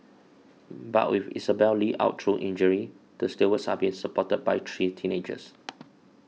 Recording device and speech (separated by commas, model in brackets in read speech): mobile phone (iPhone 6), read sentence